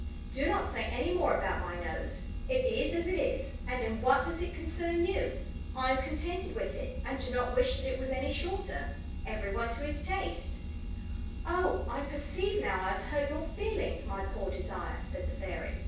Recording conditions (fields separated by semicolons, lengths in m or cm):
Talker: one person; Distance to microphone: 9.8 m; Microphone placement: far; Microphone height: 1.8 m; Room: large; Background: none